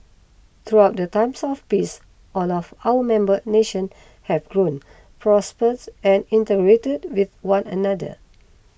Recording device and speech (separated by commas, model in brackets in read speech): boundary microphone (BM630), read sentence